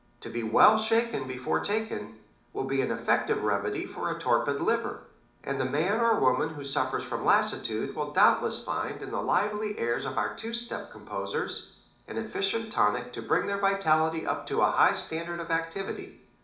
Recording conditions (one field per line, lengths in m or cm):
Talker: one person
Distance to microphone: 2.0 m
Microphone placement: close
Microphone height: 99 cm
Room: medium-sized (5.7 m by 4.0 m)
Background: none